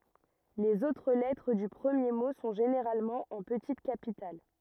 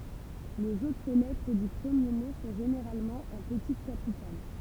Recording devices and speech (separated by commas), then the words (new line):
rigid in-ear microphone, temple vibration pickup, read sentence
Les autres lettres du premier mot sont généralement en petites capitales.